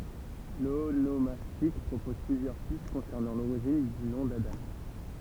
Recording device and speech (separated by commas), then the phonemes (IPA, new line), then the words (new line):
temple vibration pickup, read sentence
lonomastik pʁopɔz plyzjœʁ pist kɔ̃sɛʁnɑ̃ loʁiʒin dy nɔ̃ dadɑ̃
L'onomastique propose plusieurs pistes concernant l'origine du nom d'Adam.